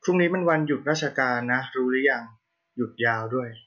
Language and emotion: Thai, neutral